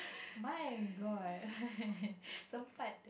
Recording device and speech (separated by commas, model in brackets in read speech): boundary microphone, conversation in the same room